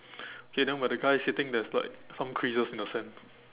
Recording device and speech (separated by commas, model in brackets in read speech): telephone, conversation in separate rooms